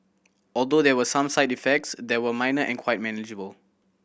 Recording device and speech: boundary microphone (BM630), read sentence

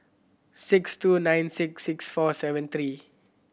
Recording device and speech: boundary microphone (BM630), read sentence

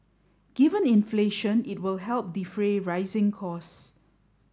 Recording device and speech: standing microphone (AKG C214), read sentence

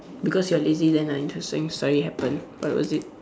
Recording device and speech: standing microphone, conversation in separate rooms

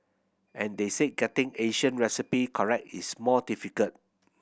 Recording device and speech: boundary microphone (BM630), read sentence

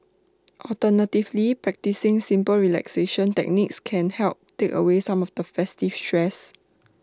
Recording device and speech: standing microphone (AKG C214), read sentence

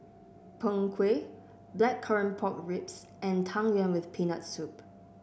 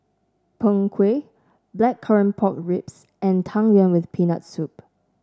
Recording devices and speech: boundary microphone (BM630), standing microphone (AKG C214), read sentence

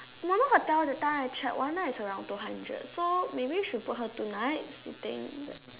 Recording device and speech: telephone, conversation in separate rooms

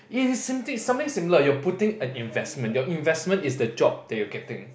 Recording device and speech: boundary microphone, conversation in the same room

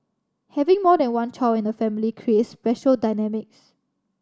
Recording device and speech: standing microphone (AKG C214), read sentence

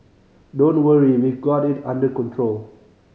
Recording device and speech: mobile phone (Samsung C5010), read sentence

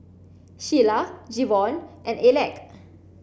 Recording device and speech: boundary microphone (BM630), read sentence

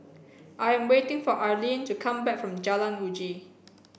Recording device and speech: boundary microphone (BM630), read sentence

